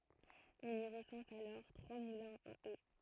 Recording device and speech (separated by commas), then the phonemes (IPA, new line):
throat microphone, read sentence
ɔ̃n i ʁəsɑ̃s alɔʁ tʁwa mulɛ̃z a o